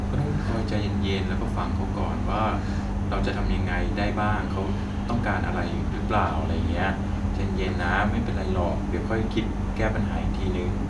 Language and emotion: Thai, neutral